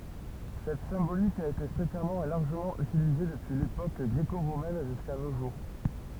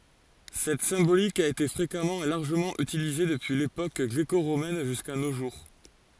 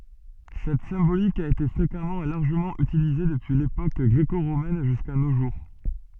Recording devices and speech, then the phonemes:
temple vibration pickup, forehead accelerometer, soft in-ear microphone, read sentence
sɛt sɛ̃bolik a ete fʁekamɑ̃ e laʁʒəmɑ̃ ytilize dəpyi lepok ɡʁeko ʁomɛn ʒyska no ʒuʁ

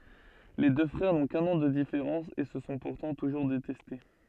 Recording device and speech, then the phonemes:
soft in-ear microphone, read sentence
le dø fʁɛʁ nɔ̃ kœ̃n ɑ̃ də difeʁɑ̃s e sə sɔ̃ puʁtɑ̃ tuʒuʁ detɛste

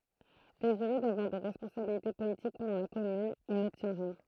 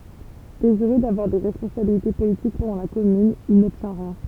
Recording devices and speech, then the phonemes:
throat microphone, temple vibration pickup, read sentence
deziʁø davwaʁ de ʁɛspɔ̃sabilite politik pɑ̃dɑ̃ la kɔmyn il nɔbtjɛ̃ ʁjɛ̃

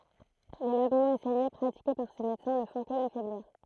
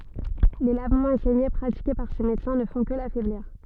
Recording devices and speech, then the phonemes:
throat microphone, soft in-ear microphone, read sentence
le lavmɑ̃z e sɛɲe pʁatike paʁ se medəsɛ̃ nə fɔ̃ kə lafɛbliʁ

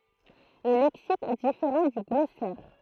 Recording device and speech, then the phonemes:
throat microphone, read sentence
lə lɛksik ɛ difeʁɑ̃ dy ɡlɔsɛʁ

